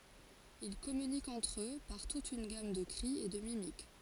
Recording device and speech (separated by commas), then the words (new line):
forehead accelerometer, read sentence
Ils communiquent entre eux par toute une gamme de cris et de mimiques.